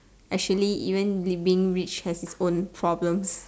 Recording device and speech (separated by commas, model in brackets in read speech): standing microphone, conversation in separate rooms